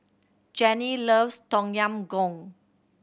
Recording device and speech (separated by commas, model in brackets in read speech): boundary microphone (BM630), read sentence